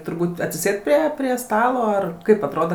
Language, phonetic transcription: Lithuanian, turˈbūt atsiˈsėd ˈprie prie ˈstalo ar ˈkaip atˈroda

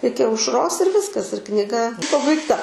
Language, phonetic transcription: Lithuanian, ˈiki aušˈros ir ˈviskas ir kniˈga pabaigˈta

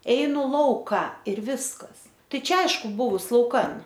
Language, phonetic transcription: Lithuanian, ˈeinu ˈlauka ir ˈviskas ˈtai ˈčia ˈaišku ˈbuvus lauˈkan

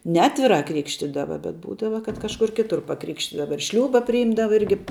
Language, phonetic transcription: Lithuanian, neˈatvirā ˈkrikštydava bet ˈbūdava kad kažˈkur ˈkitur paˈkrikštydava ir ˈšliūba priˈjimdava ˈirgi

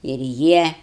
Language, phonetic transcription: Lithuanian, ir ˈjie

